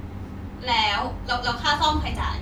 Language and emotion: Thai, frustrated